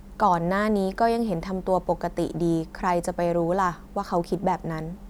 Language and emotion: Thai, neutral